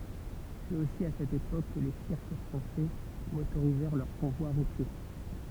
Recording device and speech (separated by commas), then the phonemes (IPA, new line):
temple vibration pickup, read sentence
sɛt osi a sɛt epok kə le siʁk fʁɑ̃sɛ motoʁizɛʁ lœʁ kɔ̃vwa ʁutje